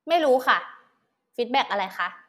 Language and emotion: Thai, frustrated